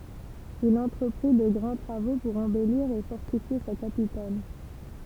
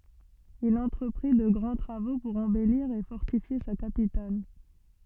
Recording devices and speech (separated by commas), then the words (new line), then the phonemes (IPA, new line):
temple vibration pickup, soft in-ear microphone, read sentence
Il entreprit de grands travaux pour embellir et fortifier sa capitale.
il ɑ̃tʁəpʁi də ɡʁɑ̃ tʁavo puʁ ɑ̃bɛliʁ e fɔʁtifje sa kapital